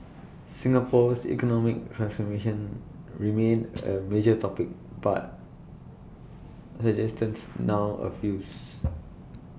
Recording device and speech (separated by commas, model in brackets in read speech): boundary microphone (BM630), read sentence